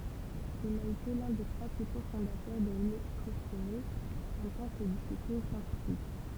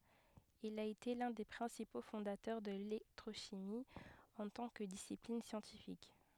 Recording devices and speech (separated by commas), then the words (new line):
temple vibration pickup, headset microphone, read sentence
Il a été l'un des principaux fondateurs de l'électrochimie en tant que discipline scientifique.